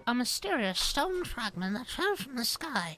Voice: Silly Yet Studious Voice